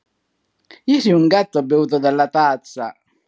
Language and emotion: Italian, happy